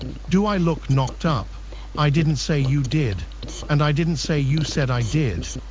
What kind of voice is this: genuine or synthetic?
synthetic